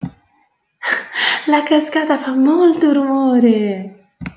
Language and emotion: Italian, happy